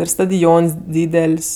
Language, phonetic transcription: Lithuanian, ˈir stadiˈons ˈdydel's'

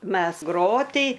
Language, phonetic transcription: Lithuanian, ˈmes ˈgroty

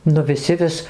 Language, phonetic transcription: Lithuanian, nu viˈsi ˈvis

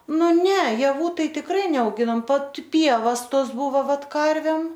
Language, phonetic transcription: Lithuanian, ˈnu ˈne jaˈvų ˈtai tikˈrai neauˈginom ˈvat ˈpievas ˈtos ˈbuvo ˈvat ˈkarvem

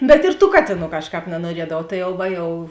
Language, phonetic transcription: Lithuanian, bet ir tų ˈkatėˌnų ˈkažˌkāp nanuoˈriedavau ˈtai jau ˈva jau

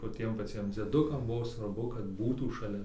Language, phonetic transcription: Lithuanian, va ˈtiem paˈciem dzieˈdukam ˈbuvo svarˈbu kad ˈbūtų šaˈlia

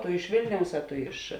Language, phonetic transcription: Lithuanian, tu iš ˈvėlniaus a ˈtu iš

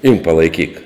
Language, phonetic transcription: Lithuanian, imk palaiˈkyk

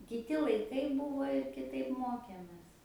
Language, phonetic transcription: Lithuanian, kiˈti laiˈkai ˈbūvo i kiˈtaip ˈmokėmės

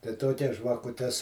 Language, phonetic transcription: Lithuanian, tai ˈtokias žvakuˈtes

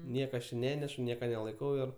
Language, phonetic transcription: Lithuanian, ˈnieka aš či ˈnenešu ˈnieka nelaiˈkau ir

